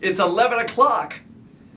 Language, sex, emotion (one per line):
English
male
happy